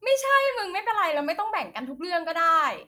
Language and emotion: Thai, frustrated